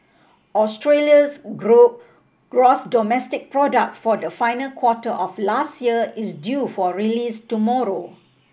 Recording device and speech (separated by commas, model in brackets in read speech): boundary microphone (BM630), read sentence